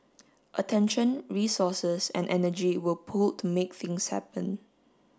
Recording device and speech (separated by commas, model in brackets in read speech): standing microphone (AKG C214), read sentence